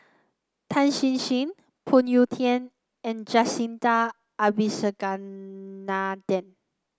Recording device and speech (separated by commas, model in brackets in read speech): close-talking microphone (WH30), read sentence